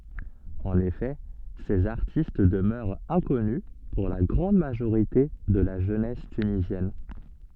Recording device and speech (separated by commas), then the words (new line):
soft in-ear microphone, read sentence
En effet, ces artistes demeurent inconnus pour la grande majorité de la jeunesse tunisienne.